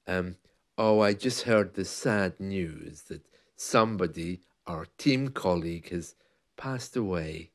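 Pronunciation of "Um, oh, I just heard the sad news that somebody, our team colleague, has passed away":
The sentence is said in a sad tone that suits sad news, like a sad song.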